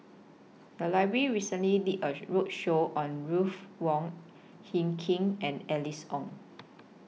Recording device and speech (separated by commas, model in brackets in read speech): mobile phone (iPhone 6), read sentence